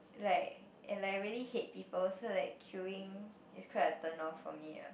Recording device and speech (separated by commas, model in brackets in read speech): boundary microphone, conversation in the same room